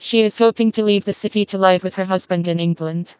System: TTS, vocoder